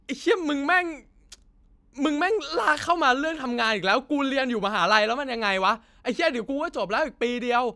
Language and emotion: Thai, angry